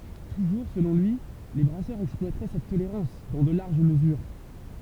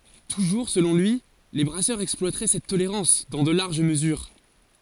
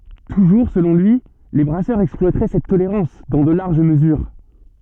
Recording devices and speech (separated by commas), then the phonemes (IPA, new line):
temple vibration pickup, forehead accelerometer, soft in-ear microphone, read sentence
tuʒuʁ səlɔ̃ lyi le bʁasœʁz ɛksplwatʁɛ sɛt toleʁɑ̃s dɑ̃ də laʁʒ məzyʁ